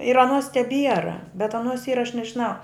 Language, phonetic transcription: Lithuanian, ir aˈnuos teˈbiera bet aˈnuos ˈyra aš nežiˈnau

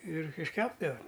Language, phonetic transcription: Lithuanian, ir išˈkepdava

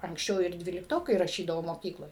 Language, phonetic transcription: Lithuanian, anksˈčiau ir ˈdvyliktokai raˈšydavo moˈkykloj

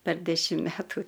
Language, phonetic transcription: Lithuanian, per ˈdešim ˈmetų

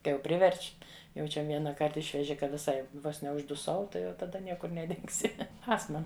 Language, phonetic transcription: Lithuanian, ˈkai jau ˈpriverč' jau ˈčia ˈvienaˌkart ˈišveži ka viˈsai ˈvos neužduˈsau ˈtai jau taˈda ˈniekur neˈdingsi ˈastma

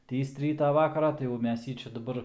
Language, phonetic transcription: Lithuanian, ˈtįst ˈrytą ˈvakarą tai jau ˈmes ˈjį ˈčia daˈbar

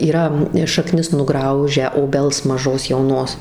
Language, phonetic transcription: Lithuanian, yˈra šaˈknis nuˈgraužę oˈbels maˈžos jauˈnos

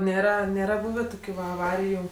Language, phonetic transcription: Lithuanian, ˈnėra ˈnėra ˈbūvė ˈtokiu va aˈvariju

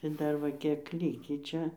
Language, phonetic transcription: Lithuanian, tai ˈdar va ˈkiek ˈlykį ˈčia

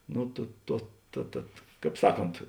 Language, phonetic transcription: Lithuanian, ˈnu tu ˈtuo ta ˈtad ˈkāp ˈsaˌkont

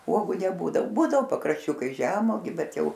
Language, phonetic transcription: Lithuanian, ˈuogu neˈbūdav ˈbūdavo pakrašˈčiukais ˈžemogiu ˈbet ˈjau

